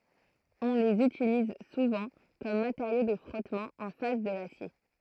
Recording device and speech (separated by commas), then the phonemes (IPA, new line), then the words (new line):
throat microphone, read sentence
ɔ̃ lez ytiliz suvɑ̃ kɔm mateʁjo də fʁɔtmɑ̃ ɑ̃ fas də lasje
On les utilise souvent comme matériau de frottement en face de l'acier.